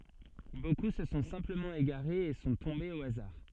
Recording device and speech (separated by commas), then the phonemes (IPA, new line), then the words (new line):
soft in-ear microphone, read sentence
boku sə sɔ̃ sɛ̃pləmɑ̃ eɡaʁez e sɔ̃ tɔ̃bez o azaʁ
Beaucoup se sont simplement égarés et sont tombés au hasard.